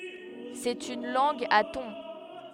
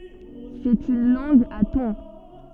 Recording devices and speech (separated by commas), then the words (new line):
headset microphone, soft in-ear microphone, read sentence
C'est une langue à tons.